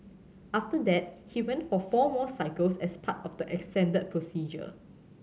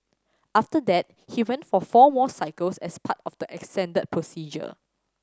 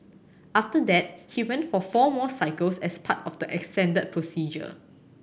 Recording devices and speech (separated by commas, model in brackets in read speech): mobile phone (Samsung C7100), standing microphone (AKG C214), boundary microphone (BM630), read sentence